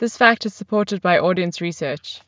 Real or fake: real